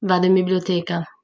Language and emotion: Italian, neutral